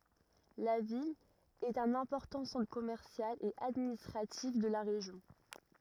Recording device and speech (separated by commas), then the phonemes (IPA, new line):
rigid in-ear microphone, read sentence
la vil ɛt œ̃n ɛ̃pɔʁtɑ̃ sɑ̃tʁ kɔmɛʁsjal e administʁatif də la ʁeʒjɔ̃